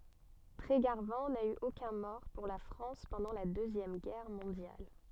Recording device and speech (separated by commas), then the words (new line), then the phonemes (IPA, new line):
soft in-ear microphone, read sentence
Trégarvan n'a eu aucun mort pour la France pendant la Deuxième Guerre mondiale.
tʁeɡaʁvɑ̃ na y okœ̃ mɔʁ puʁ la fʁɑ̃s pɑ̃dɑ̃ la døzjɛm ɡɛʁ mɔ̃djal